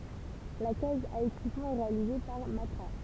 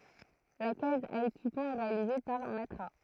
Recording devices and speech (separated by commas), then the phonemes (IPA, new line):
temple vibration pickup, throat microphone, read sentence
la kaz a ekipmɑ̃ ɛ ʁealize paʁ matʁa